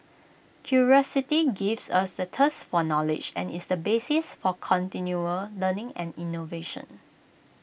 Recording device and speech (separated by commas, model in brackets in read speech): boundary microphone (BM630), read sentence